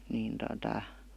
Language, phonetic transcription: Finnish, niin tota ,.
- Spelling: niin tuota

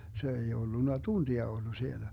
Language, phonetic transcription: Finnish, se ei 'ollunna "tuntia 'ollu sielä .
- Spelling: se ei ollut tuntia ollut siellä

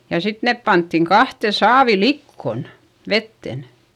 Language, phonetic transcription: Finnish, ja sit nep panttiŋ kahte saavi likkon , vetten .
- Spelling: ja sitten ne pantiin kahteen saaviin likoon veteen

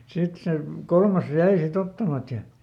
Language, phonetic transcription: Finnish, ˈsit se , "kolmas ˈjäi siˈt ‿ottamat ja ,.
- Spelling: sitten se kolmas jäi sitten ottamatta ja

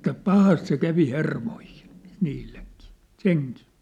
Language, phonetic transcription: Finnish, että "pahast se 'kävi "hermoihɪɴ , 'niilleŋkii , "seŋkɪɪ .
- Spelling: että pahasti se kävi hermoihin niillekin sekin

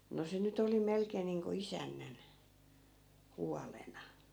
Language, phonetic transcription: Finnish, no 'se nyt ‿oli 'melkeen̆ niiŋko "isännän , "hualena .
- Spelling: no se nyt oli melkein niin kuin isännän huolena

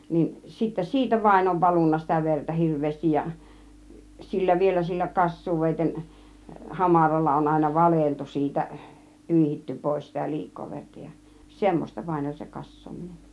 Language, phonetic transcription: Finnish, niin , sittä "siitä vaĭn ov 'valunna sitä 'vertä "hirv̆veestij ja , 'sillä vielä sillä "kas̀suuvèiten , "hamaralla on àina "valeltu siitä , "pỳihitty 'pòis sitä 'liik̆koo 'verta ja , "semmośta vaĭn oĺ se "kas̀soominen .
- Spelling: niin sitten siitä vain on valunut sitä verta hirveästi ja sillä vielä sillä kassuuveitsen hamaralla on aina valeltu siitä pyyhitty pois sitä liikaa verta ja semmoista vain oli se kassaaminen

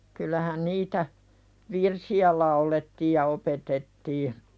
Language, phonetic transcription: Finnish, kyl̆lähän 'niitä , "virsi₍ä laulettiij ja opetettii .
- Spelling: kyllähän niitä virsiä laulettiin ja opetettiin

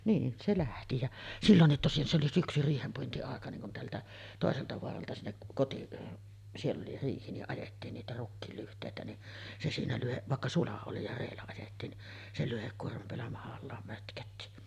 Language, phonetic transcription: Finnish, niin , se 'lähti jä , "sillonnit tosin se oli 'syksy "riihempuinti₍àeka niŋ kun 'teältä , "tòeselta 'voaralta sinnek 'koti-ˀ , siell ‿oli 'riihi ni’ '’ajettiin niitä 'rukkiil lyht̀èitä ni , se siinä lyhe- , vàekka "sula oli ja 'reellä ajettiin ni , se 'lyhekkuormam peällä mahallaam mötkötti .
- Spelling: niin se lähti ja silloin tosin se oli syksy riihenpuintiaika niin kun täältä toiselta vaaralta sinne - siellä oli riihi niin ajettiin niitä rukiin lyhteitä niin se siinä - vaikka sula oli ja reellä ajettiin niin se lyhdekuorman päällä mahallaan mötkötti

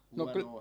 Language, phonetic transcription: Finnish, no 'ky- ,.
- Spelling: no -

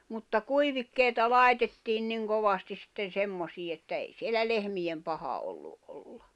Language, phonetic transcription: Finnish, mutta "kuivikkèita "lai̬tettiin niŋ 'kovastis sⁱtten̬ "semmosii että ei 'sielä "lehmiʲem 'paha ollu’ ’olʟᴀ .
- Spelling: mutta kuivikkeita laitettiin niin kovasti sitten semmoisiin että ei siellä lehmien paha ollut olla

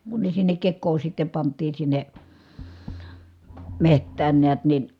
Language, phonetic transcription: Finnish, kun ne sinnek kekkoo sitte pant̆tiin sinne , meht̀ään neät nin̬ ,.
- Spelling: kun ne sinne kekoon sitten pantiin sinne metsään näet niin

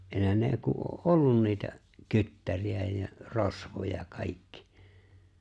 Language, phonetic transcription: Finnish, 'ehän ne , ku (o’) "’ollun niitä , 'kyttäri₍ä ja , 'rosvoja , 'kaikki .
- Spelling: eihän ne kun on ollut niitä kyttäreitä ja rosvoja kaikki

